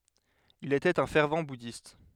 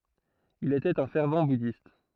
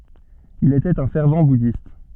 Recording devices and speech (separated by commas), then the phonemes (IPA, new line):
headset microphone, throat microphone, soft in-ear microphone, read sentence
il etɛt œ̃ fɛʁv budist